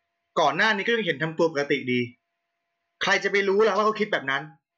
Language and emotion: Thai, angry